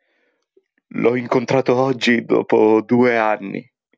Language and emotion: Italian, sad